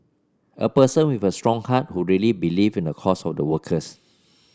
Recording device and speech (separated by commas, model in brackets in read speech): standing microphone (AKG C214), read sentence